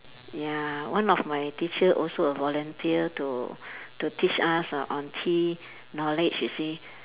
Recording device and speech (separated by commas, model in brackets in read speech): telephone, conversation in separate rooms